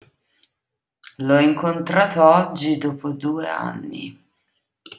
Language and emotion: Italian, disgusted